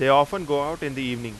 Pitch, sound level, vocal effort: 140 Hz, 94 dB SPL, very loud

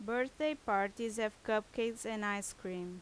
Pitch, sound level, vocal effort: 220 Hz, 85 dB SPL, very loud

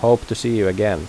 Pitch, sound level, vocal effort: 115 Hz, 90 dB SPL, normal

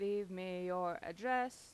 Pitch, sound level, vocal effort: 185 Hz, 90 dB SPL, normal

